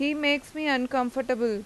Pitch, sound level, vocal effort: 265 Hz, 90 dB SPL, loud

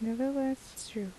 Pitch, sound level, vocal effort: 245 Hz, 74 dB SPL, soft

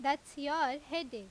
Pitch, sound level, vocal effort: 285 Hz, 93 dB SPL, very loud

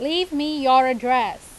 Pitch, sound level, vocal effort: 270 Hz, 93 dB SPL, very loud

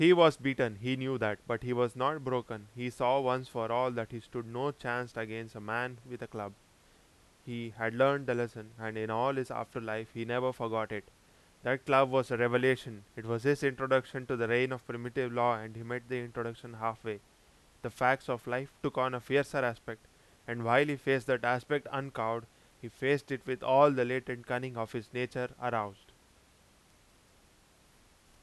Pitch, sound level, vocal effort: 120 Hz, 92 dB SPL, very loud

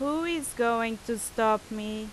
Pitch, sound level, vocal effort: 230 Hz, 88 dB SPL, very loud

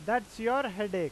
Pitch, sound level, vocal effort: 220 Hz, 95 dB SPL, loud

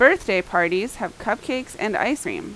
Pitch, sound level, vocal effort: 215 Hz, 88 dB SPL, loud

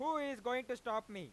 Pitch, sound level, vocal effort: 250 Hz, 104 dB SPL, very loud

